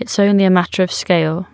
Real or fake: real